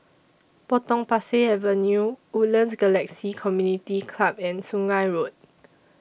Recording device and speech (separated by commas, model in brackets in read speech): boundary microphone (BM630), read sentence